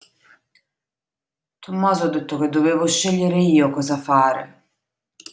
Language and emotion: Italian, sad